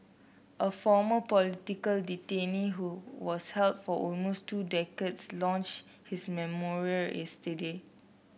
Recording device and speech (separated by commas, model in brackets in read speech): boundary microphone (BM630), read sentence